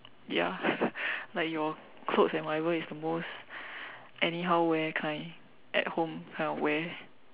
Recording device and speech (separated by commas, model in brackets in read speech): telephone, conversation in separate rooms